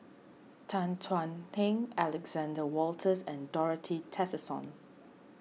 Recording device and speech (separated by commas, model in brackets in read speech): mobile phone (iPhone 6), read sentence